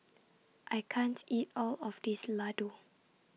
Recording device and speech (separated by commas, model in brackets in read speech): mobile phone (iPhone 6), read sentence